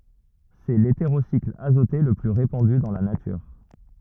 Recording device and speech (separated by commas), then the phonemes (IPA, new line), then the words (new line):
rigid in-ear microphone, read sentence
sɛ leteʁosikl azote lə ply ʁepɑ̃dy dɑ̃ la natyʁ
C'est l'hétérocycle azoté le plus répandu dans la nature.